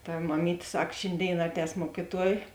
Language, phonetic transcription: Lithuanian, ta maˈmytė ˈsak ˈšėnˌdėin ˈaˌtēs ˈmuokiˌtuoj

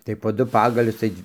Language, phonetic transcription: Lithuanian, tai po ˈdu ˈpagalius ˈtai

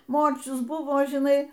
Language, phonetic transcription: Lithuanian, ˈmorčius ˈbuvo žiˈnai

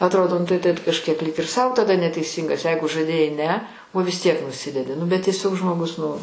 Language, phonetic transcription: Lithuanian, atˈrodo nu tai tet kažˈkiek lyg ir sau taˈda neteiˈsyngas ˈjeigu žaˈdėjai ˈne o vis tiek nuˈsidedi nu bet tieˈsiog žmoˈgus nu

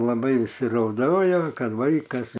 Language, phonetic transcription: Lithuanian, laˈbai įsirauˈdojau ˈkad ˈvaikas

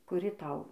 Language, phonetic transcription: Lithuanian, kuˈri ˈtau

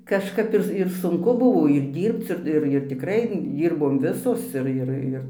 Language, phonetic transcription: Lithuanian, kažˈkap ˈir ir sunˈku ˈbuvo ir ˈdyrbc ir ˈir ir tikˈrai ˈdyrbom ˈvisos ˈir ˈir ˈir

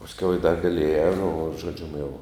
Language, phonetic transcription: Lithuanian, pasˈkiau jau i dar gaˈlėja nu žoˈdžium jau

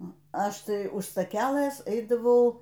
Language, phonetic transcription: Lithuanian, ˈnu ˈaš ˈtai už staˈkælɘs ˈeidavau

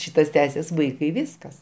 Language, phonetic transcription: Lithuanian, ˈšytas ˈtęsis ˈvaikai ˈviskas

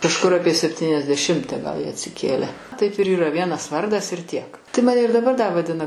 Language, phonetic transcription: Lithuanian, kažˈkur ˈapie septyniasdeˈšimte gal ˈjie atsiˈkėle taip ir yˈra ˈvienas ˈvardas ir tiek tai ˈmane ir daˈbar da vaˈdina

